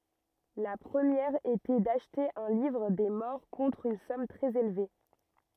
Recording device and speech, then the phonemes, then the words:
rigid in-ear microphone, read sentence
la pʁəmjɛʁ etɛ daʃte œ̃ livʁ de mɔʁ kɔ̃tʁ yn sɔm tʁɛz elve
La première était d'acheter un livre des morts contre une somme très élevée.

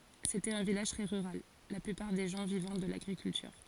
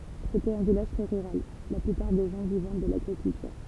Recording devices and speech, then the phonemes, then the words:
forehead accelerometer, temple vibration pickup, read sentence
setɛt œ̃ vilaʒ tʁɛ ʁyʁal la plypaʁ de ʒɑ̃ vivɑ̃ də laɡʁikyltyʁ
C'était un village très rural, la plupart des gens vivant de l'agriculture.

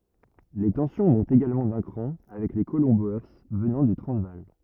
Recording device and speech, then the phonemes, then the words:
rigid in-ear microphone, read sentence
le tɑ̃sjɔ̃ mɔ̃tt eɡalmɑ̃ dœ̃ kʁɑ̃ avɛk le kolɔ̃ boe vənɑ̃ dy tʁɑ̃zvaal
Les tensions montent également d'un cran avec les colons Boers venant du Transvaal.

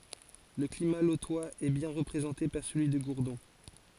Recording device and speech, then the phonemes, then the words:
forehead accelerometer, read sentence
lə klima lotwaz ɛ bjɛ̃ ʁəpʁezɑ̃te paʁ səlyi də ɡuʁdɔ̃
Le climat lotois est bien représenté par celui de Gourdon.

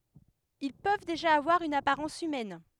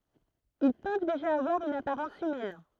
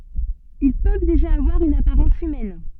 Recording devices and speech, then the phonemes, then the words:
headset microphone, throat microphone, soft in-ear microphone, read sentence
il pøv deʒa avwaʁ yn apaʁɑ̃s ymɛn
Ils peuvent déjà avoir une apparence humaine.

